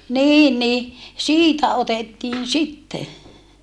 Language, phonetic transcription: Finnish, nii ni , siitä otettiin sitte .
- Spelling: niin niin siitä otettiin sitten

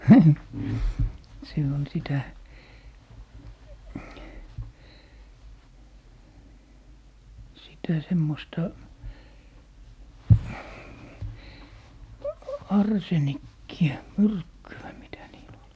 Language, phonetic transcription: Finnish, se on "sitä , 'sitä "semmosta , "arsenikki₍ä , "myrkky₍ä 'mitä niil ‿ol .
- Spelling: se on sitä sitä semmoista arsenikkia myrkkyä mitä niillä oli

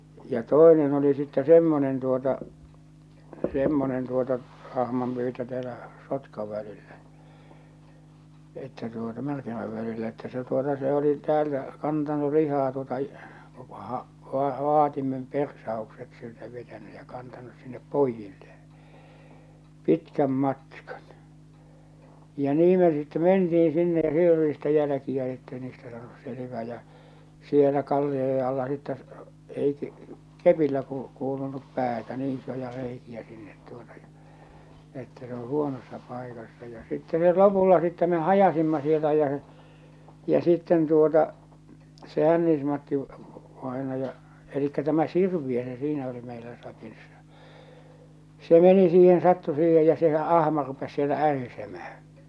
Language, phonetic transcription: Finnish, ja "tòenen oli sittɛ "semmonen tuota , 'semmonen 'tuota , 'ahmampyytö täälä , 'Sotkav välillä , että tuota 'Märkimäv välillä että se tuota se oli 'täältä , 'kantanu 'lihaa tuota , vaa- , va- va- , 'vaatimem "persaokset siltä vetäny ja kantanus sinnep "poijilleeḛ , 'pitkäm 'matkᴀɴ , ja 'nii me sitte 'menti₍in̬ sinne ja 'siel ‿oli sitte 'jälᵃ̈kiä ettei niistä saanus 'selᵉvää ja , 'sielä 'kallioje alla sittä , ei , 'kepillä ku- kuulunup 'päätä 'nii 'isoja 'reiki₍ä sinnet tuota ja , m ‿että se ‿o 'huonossa 'paikassa ja sitte met 'lopulla sittɛ me "hajasimma sieltä jä sᴇ , ja sitten tuota , se 'Hännis-Matti , -vaenaja , elikkä 'tämä "Sirviö se siinä oli meilä 'sakissa , 'se 'meni siihen 'sattu siihej ja sehä '’ahma rupes siellä 'ärisemähᴀ̈ .
- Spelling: ja toinen oli sitten semmoinen tuota semmoinen tuota ahmanpyytö täällä Sotkan välillä että tuota Märkimän välillä että se tuota se oli täältä kantanut lihaa tuota - - - vaatimen persaukset siltä vetänyt ja kantanut sinne pojilleen pitkän matkan ja niin me sitten mentiin sinne ja siellä oli sitten jälkiä että ei niistä saanut selvää ja siellä kallioiden alla sitten ei kepillä - kuulunut päätä niin isoja reikiä sinne tuota ja me että se on huonossa paikassa ja sitten me lopulla sitten me hajasimme sieltä ja se ja sitten tuota se Hännis-Matti vainaja eli tämä Sirviö se siinä oli meillä sakissa se meni siihen sattui siihen ja sehän ahma rupesi siellä ärisemään

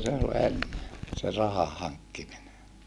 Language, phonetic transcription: Finnish, semmosta se ol enne , se rahahaŋkkimine .
- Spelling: semmoista se oli ennen se rahahankkiminen

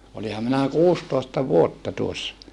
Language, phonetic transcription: Finnish, oliham minä kuustòesta vuotta tuossa .
- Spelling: olinhan minä kuusitoista vuotta tuossa

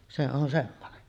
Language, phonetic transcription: Finnish, se on semmone .
- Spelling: se on semmoinen

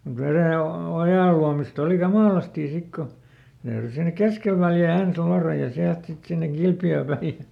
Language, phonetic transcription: Finnish, mut ˈverè- , ˈojàl̆luamist ‿oli "kamàlastì ˈsik ko , ne täyry ˈsinek "keskel Väljä̀ ˈens ˈluaraj ja ˈsiält ˈsit sinneŋ "Kilpjöö päi ʲᵃ, .
- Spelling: mutta - ojanluomista oli kamalasti sitten kun ne täytyi sinne keskelle Väljää ensin luoda ja sieltä sitten sinne Kilpiöön päin ja

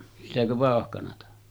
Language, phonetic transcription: Finnish, sitäkö 'vàohkanata .
- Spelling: sitäkö vauhkanaa

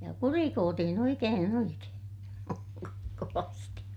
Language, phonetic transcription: Finnish, ja kurikootihin ‿oikeen ‿oikeen , kovasti .
- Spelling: ja kurikoitiin oikein oikein kovasti

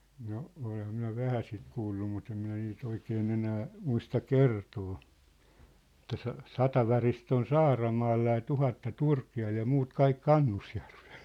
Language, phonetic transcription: Finnish, no , 'oleh̆ham minä "vähä sit 'kuullu mut ‿em minä nii't ‿oikee'n ‿enää , 'muista "kertoo , ᵉt̆tä » sa- , 'sata varist ‿on "Saaramaalla ja 'tuhatta "Turki₍al ja 'muut 'kaik "Kannusjärvᴇʟ . «
- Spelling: no olenhan minä vähän sitä kuullut mutta en minä niitä oikein enää muista kertoa että - sata varista on Saaramaalla ja tuhatta Turkialla ja muut kaikki Kannusjärvellä

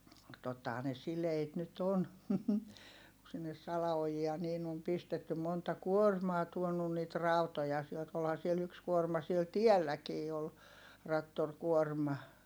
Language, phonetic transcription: Finnish, tottahaa ne sileit nyt ‿on , ku sinnes sala₍ojia niin ‿om pistetty monta kuormaa tuonun niit ràutoja sielt - olha siel yks kuorma siel tielläkii ol , rattorkuorma .
- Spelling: tottahan ne sileitä nyt on kun sinne salaojia niin on pistetty monta kuormaa tuonut niitä rautoja sieltä olihan siellä yksi kuorma siellä tielläkin oli traktorikuorma

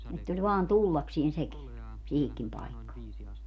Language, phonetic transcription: Finnish, ett ‿oĺ 'vaan "tullaksien 'seki , 'siihikkim 'paikkaa .
- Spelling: että oli vain tullakseen sekin siihenkin paikkaan

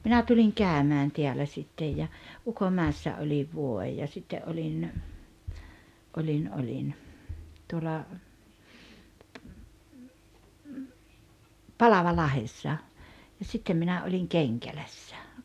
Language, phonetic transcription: Finnish, 'minä tuliŋ "kä̀ömään 'teälä ’sittej ja , "Uko’määᵉssä oĺiv 'vuo₍ej ja 'sitte ’oĺin , 'oĺin oĺin , tuola , "Palaval'lahessa , ja 'sittem minä oĺiŋ 'Keŋkälässᴀ̈ .
- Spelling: minä tulin käymään täällä sitten ja Ukonmäessä olin vuoden ja sitten olin olin olin tuolla Palavalahdessa ja sitten minä olin Kenkälässä

